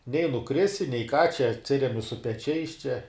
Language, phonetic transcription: Lithuanian, nei nuˈkrisi nei ką čia atˈsiremi su peˈčiais čia

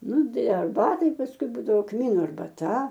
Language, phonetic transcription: Lithuanian, ˈnu ˈdai arˈbatai pasˈkui ˈbūdavo ˈkmynu arbaˈta

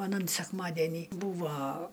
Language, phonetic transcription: Lithuanian, aˈnan sekˈmadenį ˈbūva

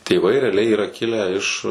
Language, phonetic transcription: Lithuanian, tėˈvai reaˈliai yˈra ˈkilę iš

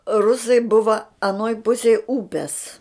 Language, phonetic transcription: Lithuanian, ˈrusai ˈbuva aˈnoj ˈpusej ˈūpes

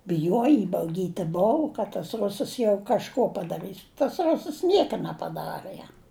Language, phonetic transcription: Lithuanian, biˈjuoji ibauˈgyti ˈbou kad tas ˈrusas jau kažˈko padaˈrɨs tas ˈrusəs ˈnieka nepaˈdarɘ ˈjam

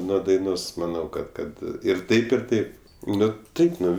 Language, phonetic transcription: Lithuanian, ˈnuo daiˈnos maˈnau ˈkad ˈkad ir ˈtaip ir ˈtaip ˈnu ˈtaip ˈnu

